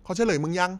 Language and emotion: Thai, neutral